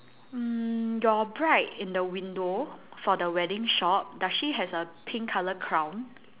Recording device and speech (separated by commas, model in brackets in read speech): telephone, conversation in separate rooms